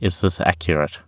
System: none